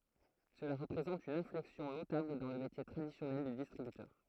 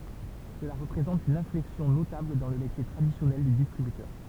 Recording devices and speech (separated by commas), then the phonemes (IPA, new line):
throat microphone, temple vibration pickup, read sentence
səla ʁəpʁezɑ̃t yn ɛ̃flɛksjɔ̃ notabl dɑ̃ lə metje tʁadisjɔnɛl dy distʁibytœʁ